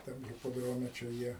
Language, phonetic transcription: Lithuanian, ˈtam hipoˈdrome čia ˈjie

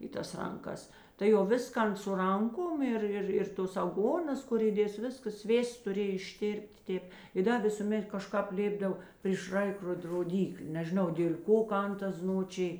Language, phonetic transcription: Lithuanian, i ˈtas ˈranˌkas tai jau ˈviskan su ˈranˌkom ˈir ˈir ir ˈtos aˈgonas ˈkur įˈdės ˈviskas ˈsvėsts tuˈrėj išˈtėrp't' ˈtėp i ˈda ˈvisūˌmet kaˈžkāp ˈlėpdav pryš ˈraikrod roˈdyklė nežiˈnau dėl' ˈko ˈkan ˈtas ˈznočij

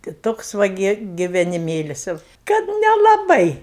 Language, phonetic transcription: Lithuanian, tai ˈtoks ˈva gi giveniˈmėlis jau ˈkad nelaˈbai

